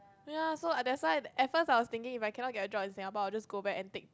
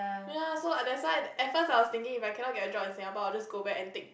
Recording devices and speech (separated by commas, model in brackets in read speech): close-talking microphone, boundary microphone, conversation in the same room